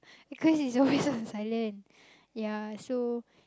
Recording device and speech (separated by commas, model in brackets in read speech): close-talking microphone, conversation in the same room